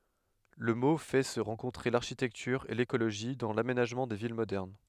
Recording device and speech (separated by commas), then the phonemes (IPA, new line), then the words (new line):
headset microphone, read sentence
lə mo fɛ sə ʁɑ̃kɔ̃tʁe laʁʃitɛktyʁ e lekoloʒi dɑ̃ lamenaʒmɑ̃ de vil modɛʁn
Le mot fait se rencontrer l'architecture et l'écologie dans l'aménagement des villes modernes.